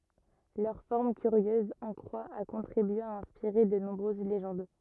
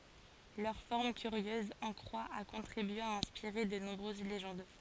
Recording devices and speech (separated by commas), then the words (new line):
rigid in-ear microphone, forehead accelerometer, read sentence
Leur forme curieuse en croix a contribué à inspirer de nombreuses légendes.